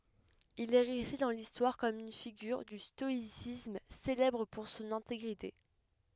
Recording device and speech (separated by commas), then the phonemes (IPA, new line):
headset microphone, read sentence
il ɛ ʁɛste dɑ̃ listwaʁ kɔm yn fiɡyʁ dy stɔisism selɛbʁ puʁ sɔ̃n ɛ̃teɡʁite